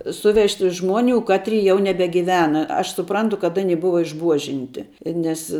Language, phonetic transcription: Lithuanian, ˈsuvežti ˈžmuoniu ˈkatri jau nebegiˈvena aš suˈprantu kad ˈani ˈbuva išˈbuožinti ˈnes

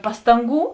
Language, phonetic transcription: Lithuanian, ˈpastanˌgų

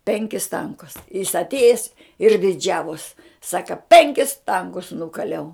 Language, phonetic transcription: Lithuanian, ˈpenkis ˈtankus jis atˈėjes ir diˈdžiavos ˈsaka ˈpenkis ˈtankus ˈnukaliau

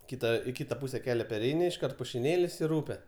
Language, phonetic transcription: Lithuanian, ˈkita i ˈkita ˈpūse ˈkelia perˈeini išˈkart pušiˈnėlis ir ˈūpe

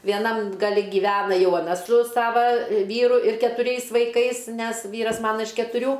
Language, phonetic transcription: Lithuanian, vieˈnam gaˈli gyˈvena ˈjau aˈna su ˈsava ˈvyru ir ketuˈriais vaiˈkais ˈnes ˈvyras ˈmana iš ketuˈrių

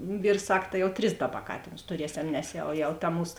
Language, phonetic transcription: Lithuanian, ˈvyrs ˈsak ta jau ˈtris ˈdaˌba ˈkatėnus tuˈriesem nes ˈjau jau ta ˈmūs

